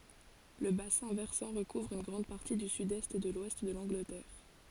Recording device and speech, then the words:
forehead accelerometer, read sentence
Le bassin versant recouvre une grande partie du sud-est et de l'ouest de l’Angleterre.

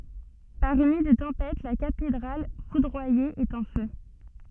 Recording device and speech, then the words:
soft in-ear microphone, read sentence
Par une nuit de tempête, la cathédrale foudroyée est en feu.

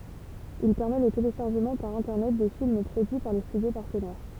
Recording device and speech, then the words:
temple vibration pickup, read sentence
Il permet le téléchargement par Internet de films produits par les studios partenaires.

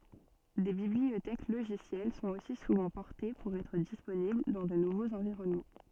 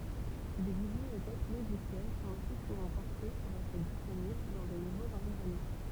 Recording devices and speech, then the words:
soft in-ear microphone, temple vibration pickup, read sentence
Des bibliothèques logicielles sont aussi souvent portées pour être disponibles dans de nouveaux environnements.

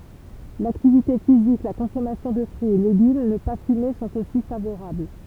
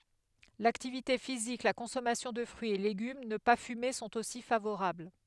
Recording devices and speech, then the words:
temple vibration pickup, headset microphone, read sentence
L'activité physique, la consommation de fruits et légumes, ne pas fumer sont aussi favorables.

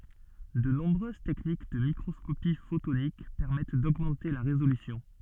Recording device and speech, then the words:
soft in-ear microphone, read sentence
De nombreuses techniques de microscopie photonique permettent d'augmenter la résolution.

